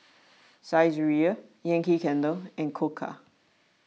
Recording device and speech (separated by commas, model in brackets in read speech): mobile phone (iPhone 6), read sentence